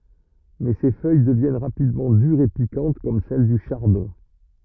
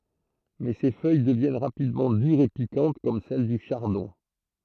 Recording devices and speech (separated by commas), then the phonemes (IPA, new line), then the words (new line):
rigid in-ear microphone, throat microphone, read sentence
mɛ se fœj dəvjɛn ʁapidmɑ̃ dyʁz e pikɑ̃t kɔm sɛl dy ʃaʁdɔ̃
Mais ces feuilles deviennent rapidement dures et piquantes comme celles du chardon.